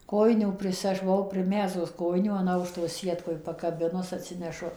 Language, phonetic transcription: Lithuanian, ˈkojinių ˈpris ˈaš buˈvau priˈmezgus ˈkojinių an ˈaukšto ˈsietkoj pakaˈbinus atˈsinešu

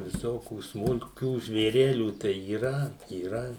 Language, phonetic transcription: Lithuanian, viˈsokių smulˈkių žvėˈrelių tai yˈra yˈra

